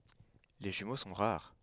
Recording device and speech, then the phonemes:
headset microphone, read sentence
le ʒymo sɔ̃ ʁaʁ

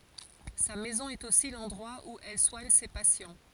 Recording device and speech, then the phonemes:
forehead accelerometer, read sentence
sa mɛzɔ̃ ɛt osi lɑ̃dʁwa u ɛl swaɲ se pasjɑ̃

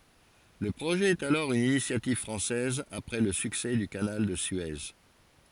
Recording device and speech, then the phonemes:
forehead accelerometer, read sentence
lə pʁoʒɛ ɛt alɔʁ yn inisjativ fʁɑ̃sɛz apʁɛ lə syksɛ dy kanal də sye

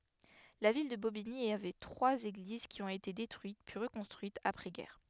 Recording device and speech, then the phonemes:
headset microphone, read sentence
la vil də bobiɲi avɛ tʁwaz eɡliz ki ɔ̃t ete detʁyit pyi ʁəkɔ̃stʁyitz apʁɛzɡɛʁ

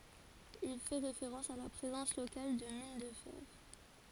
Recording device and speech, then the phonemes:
forehead accelerometer, read sentence
il fɛ ʁefeʁɑ̃s a la pʁezɑ̃s lokal də min də fɛʁ

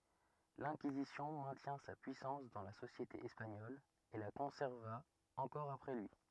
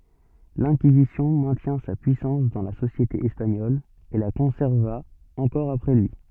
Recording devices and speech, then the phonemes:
rigid in-ear microphone, soft in-ear microphone, read sentence
lɛ̃kizisjɔ̃ mɛ̃tjɛ̃ sa pyisɑ̃s dɑ̃ la sosjete ɛspaɲɔl e la kɔ̃sɛʁva ɑ̃kɔʁ apʁɛ lyi

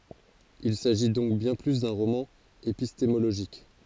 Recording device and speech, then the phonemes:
forehead accelerometer, read sentence
il saʒi dɔ̃k bjɛ̃ ply dœ̃ ʁomɑ̃ epistemoloʒik

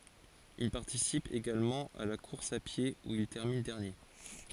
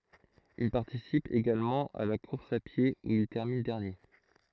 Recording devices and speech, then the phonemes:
forehead accelerometer, throat microphone, read sentence
il paʁtisip eɡalmɑ̃ a la kuʁs a pje u il tɛʁmin dɛʁnje

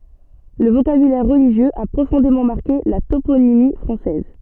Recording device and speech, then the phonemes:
soft in-ear microphone, read sentence
lə vokabylɛʁ ʁəliʒjøz a pʁofɔ̃demɑ̃ maʁke la toponimi fʁɑ̃sɛz

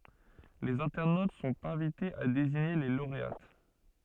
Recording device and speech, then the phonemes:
soft in-ear microphone, read sentence
lez ɛ̃tɛʁnot sɔ̃t ɛ̃vitez a deziɲe le loʁeat

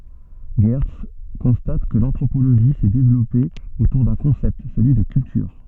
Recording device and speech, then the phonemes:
soft in-ear microphone, read sentence
ʒɛʁts kɔ̃stat kə lɑ̃tʁopoloʒi sɛ devlɔpe otuʁ dœ̃ kɔ̃sɛpt səlyi də kyltyʁ

